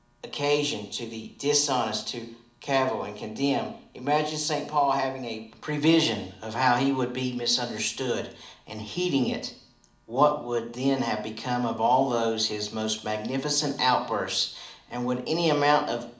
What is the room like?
A mid-sized room (about 5.7 m by 4.0 m).